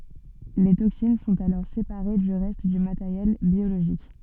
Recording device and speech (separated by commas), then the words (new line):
soft in-ear microphone, read sentence
Les toxines sont alors séparées du reste du matériel biologique.